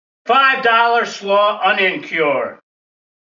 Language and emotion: English, angry